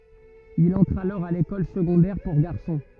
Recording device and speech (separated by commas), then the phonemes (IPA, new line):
rigid in-ear microphone, read sentence
il ɑ̃tʁ alɔʁ a lekɔl səɡɔ̃dɛʁ puʁ ɡaʁsɔ̃